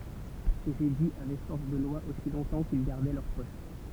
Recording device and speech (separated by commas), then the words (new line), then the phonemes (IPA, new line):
temple vibration pickup, read sentence
Ces édits avaient force de loi aussi longtemps qu'ils gardaient leur poste.
sez ediz avɛ fɔʁs də lwa osi lɔ̃tɑ̃ kil ɡaʁdɛ lœʁ pɔst